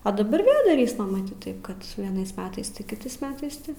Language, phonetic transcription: Lithuanian, a daˈbar ˈvėl daˈrysma maˈtyt ˈtaip kad vieˈnais ˈmetais ˈti kiˈtais ˈmetais ˈti

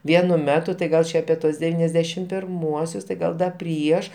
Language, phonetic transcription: Lithuanian, ˈvienu ˈmetu tai ˈgal čia apie ˈtuos deˈvyniasˌdešim pirˈmuosius tai ˈgal da ˈprieš

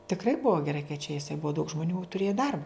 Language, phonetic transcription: Lithuanian, tikˈrai ˈbua geˈrai kai čia iˈsai ˈbua daug žmoˈnių tuˈrėja ˈdarba

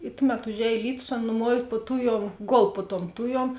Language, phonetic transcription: Lithuanian, i ˈtuˌmet užˈēj ˈlytus ˈan nuˈmuov' puo ˈtuˌjuom ˈgol puo tuom ˈtuˌjuom

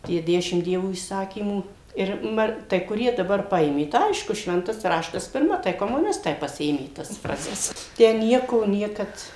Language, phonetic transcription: Lithuanian, ˈtie ˈdešimt ˈdievo įˈsakymų ir ˈma tai kuˈrie daˈbar ˈpaėmė tai ˈaišku ˈšventas ˈraštas pirˈma tai komuˈnistai paˈsiėmė tas ˈfrazes ˈtę ˈnieko ˈniekad

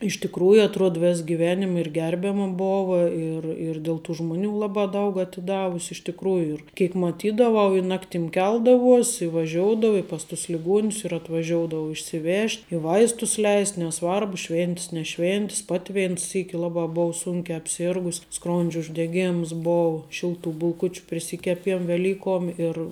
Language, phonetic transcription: Lithuanian, iš tikˈrųju aˈtruod ˈves giˈvenim ir ˈgerbiama ˈbova ir ir dėl tų ˈžmoˌnių ˈlabā ˈdaug atiˈdavus' iš tikˈrųju ir ˈkėk maˈtydavau i ˈnaktim ˈkeldavuos' i vaˈžioudavu i pas tus liˈguonius ir atvaˈžioudavo išsiˈvežt' i ˈvaistus ˈleis neˈsvarbu ˈšvėntis neˈšvėntis ˈpati ˈvein ˈsyki ˈlabā ˈbou ˈsūnkia apˈsėrgus' ˈskrondžio uždeˈgėms ˈbou ˈšilˌtų bulˈkučiu priˈsikeˌpiem veˈlykuom ir

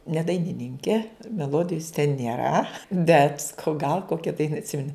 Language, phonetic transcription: Lithuanian, ne dainiˈninke meˈlodijus ten nėˈra bet saˈkau gal ˈkokia ˈdaina atˈsimeni

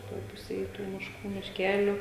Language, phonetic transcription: Lithuanian, ˈtoj ˈpusėj ˈtų mišˈkų mišˈkeliu

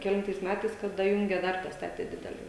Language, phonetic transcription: Lithuanian, keˈlintais ˈmætais kad daˈjunge ˈdar daˈstatė ˈdidele

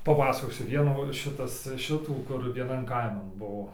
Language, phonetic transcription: Lithuanian, paˈpasakosiu ˈvienų ˈšitas ˈšitų kur vieˈnan ˈkaiman ˈbuo

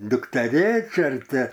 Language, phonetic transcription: Lithuanian, dukteˈrėčia ar ˈti

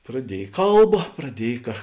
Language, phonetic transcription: Lithuanian, praˈdiej ˈkalba praˈdiej ka

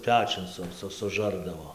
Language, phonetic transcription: Lithuanian, ˈpečiun ˈsu ˈsu suˈžardavo

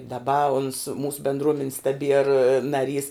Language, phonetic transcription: Lithuanian, daˈba uns ˈmūsu bendˈruomenis taˈbier naˈrys

